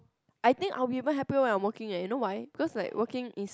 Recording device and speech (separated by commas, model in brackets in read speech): close-talking microphone, conversation in the same room